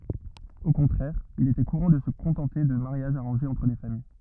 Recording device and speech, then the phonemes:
rigid in-ear microphone, read sentence
o kɔ̃tʁɛʁ il etɛ kuʁɑ̃ də sə kɔ̃tɑ̃te də maʁjaʒz aʁɑ̃ʒez ɑ̃tʁ le famij

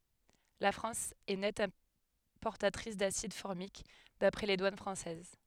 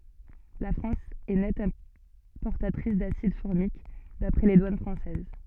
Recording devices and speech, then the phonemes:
headset microphone, soft in-ear microphone, read sentence
la fʁɑ̃s ɛ nɛt ɛ̃pɔʁtatʁis dasid fɔʁmik dapʁɛ le dwan fʁɑ̃sɛz

